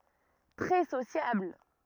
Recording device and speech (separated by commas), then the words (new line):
rigid in-ear microphone, read sentence
Très sociable.